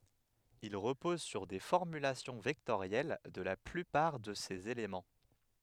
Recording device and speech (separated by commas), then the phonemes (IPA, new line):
headset microphone, read sentence
il ʁəpɔz syʁ de fɔʁmylasjɔ̃ vɛktoʁjɛl də la plypaʁ də sez elemɑ̃